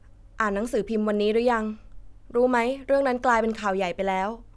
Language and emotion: Thai, neutral